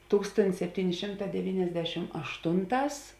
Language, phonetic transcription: Lithuanian, ˈtūkstontis sepˈtyni ˈšimˌtā deˈvyniasdešim ašˈtunˌtās

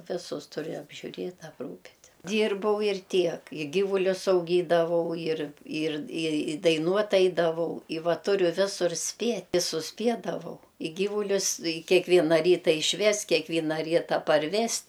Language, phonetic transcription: Lithuanian, ˈvisus ˈturi apžiuˈrėt' apˈrūpit' ˈdyrbau ir ˈtiek i ˈgyvulius auˈgydavau ir ir i i daiˈnuot' ˈaidavau i ˈva ˈturiu ˈvisur ˈspiet' i susˈpiedavau i ˈgyvulius i keˈkviena ˈryta išˈvest kiekˈvyna ˈryta parˈvest

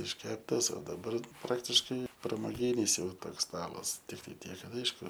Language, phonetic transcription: Lithuanian, išˈkeptas o daˈbar ˈpraktiškai pramoˈgynis ˈjau ˈtoks ˈstalas tikˈtai ˈtiek ˈkad ˈaišku

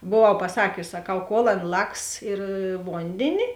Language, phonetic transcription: Lithuanian, boˈvau paˈsakius saˈkau kol ˈan ˈlaks ir ˈvondėni

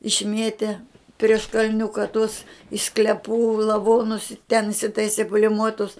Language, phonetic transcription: Lithuanian, išˈmietė prieš kalˈniuka tus iš sklepų lavonus i ten isitaisi pulimuotus

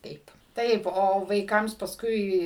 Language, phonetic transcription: Lithuanian, ˈtaip ˈtaip o vaiˈkams pasˈkui

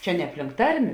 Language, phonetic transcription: Lithuanian, ˈčia ne apˈlink ˈtarmė

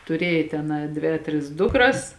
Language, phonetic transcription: Lithuanian, tuˈrėja ten a ˈdvė a ˈtris ˈdukras

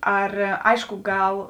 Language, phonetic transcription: Lithuanian, ˈar ˈaišku ˈgal

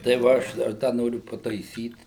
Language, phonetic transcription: Lithuanian, tai va ˈaš dar ˈda ˈnoriu pataiˈsyt

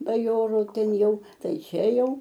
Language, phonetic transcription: Lithuanian, baˈjorų ˈten ˈjau ˈtai ˈčia ˈjau

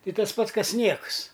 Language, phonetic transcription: Lithuanian, ˈtai ˈtas ˈpats ˈkas ˈniekus

